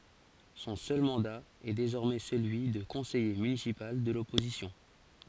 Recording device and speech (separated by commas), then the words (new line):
forehead accelerometer, read sentence
Son seul mandat est désormais celui de conseiller municipal de l'opposition.